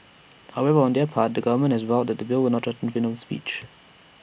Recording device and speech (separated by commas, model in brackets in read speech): boundary microphone (BM630), read sentence